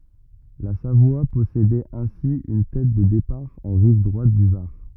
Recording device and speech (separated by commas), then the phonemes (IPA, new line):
rigid in-ear microphone, read sentence
la savwa pɔsedɛt ɛ̃si yn tɛt də depaʁ ɑ̃ ʁiv dʁwat dy vaʁ